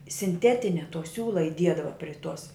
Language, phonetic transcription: Lithuanian, sinˈtetinia to ˈsiūla iˈdiedava pri tuos

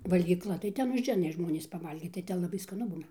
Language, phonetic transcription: Lithuanian, valgyˈkla tai ˈten užˈeina ˈžmonys paˈvalgyt tai ˈten laˈbai skaˈnu ˈbūna

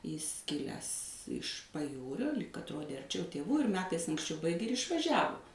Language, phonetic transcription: Lithuanian, jis ˈkilęs iš paˈjūrio lyg atˈrodė arˈčiau tėˈvų ir ˈmetais anksˈčiau ˈbaigė ir išvaˈžiavu

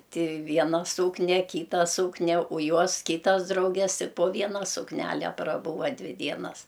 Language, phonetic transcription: Lithuanian, ˈti ˈviena ˈsūknia ˈkyta ˈsūknia o ˈjuos ˈkytas ˈdrauges ˈti po ˈviena sukˈnæle praˈbūva ˈdvi ˈdienas

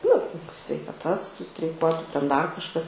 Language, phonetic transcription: Lithuanian, nu sveikaˈta sustreiˈkuotu ten ˈdar kažˈkas

